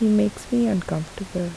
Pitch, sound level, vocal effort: 200 Hz, 74 dB SPL, soft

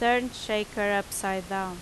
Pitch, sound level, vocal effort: 205 Hz, 87 dB SPL, loud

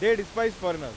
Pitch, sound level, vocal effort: 205 Hz, 101 dB SPL, very loud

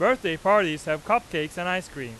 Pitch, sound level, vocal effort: 175 Hz, 100 dB SPL, loud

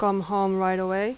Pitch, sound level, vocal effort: 195 Hz, 87 dB SPL, loud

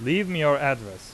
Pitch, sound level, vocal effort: 140 Hz, 91 dB SPL, very loud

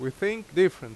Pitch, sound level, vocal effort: 185 Hz, 91 dB SPL, very loud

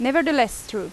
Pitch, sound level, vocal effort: 250 Hz, 89 dB SPL, loud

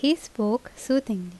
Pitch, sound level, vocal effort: 230 Hz, 80 dB SPL, normal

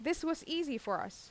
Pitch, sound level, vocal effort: 320 Hz, 86 dB SPL, loud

